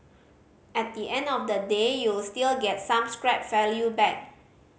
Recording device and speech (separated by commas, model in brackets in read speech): mobile phone (Samsung C5010), read sentence